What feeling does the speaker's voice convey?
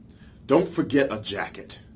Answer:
angry